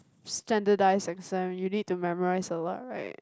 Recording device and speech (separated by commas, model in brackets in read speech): close-talking microphone, conversation in the same room